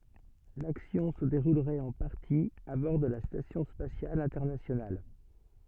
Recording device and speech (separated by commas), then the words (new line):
soft in-ear microphone, read sentence
L'action se déroulerait en partie à bord de la Station spatiale internationale.